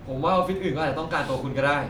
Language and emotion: Thai, frustrated